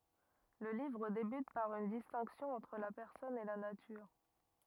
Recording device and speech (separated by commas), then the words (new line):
rigid in-ear microphone, read sentence
Le livre débute par une distinction entre la personne et la nature.